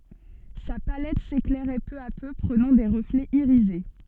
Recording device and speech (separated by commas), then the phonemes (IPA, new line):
soft in-ear microphone, read sentence
sa palɛt seklɛʁɛ pø a pø pʁənɑ̃ de ʁəflɛz iʁize